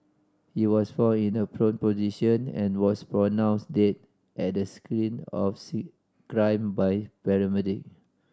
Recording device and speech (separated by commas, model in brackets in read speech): standing microphone (AKG C214), read sentence